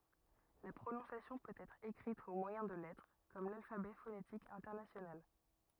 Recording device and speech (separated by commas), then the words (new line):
rigid in-ear microphone, read sentence
La prononciation peut être écrite au moyen de lettres, comme l'alphabet phonétique international.